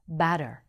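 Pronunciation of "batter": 'Batter' is said with an American accent.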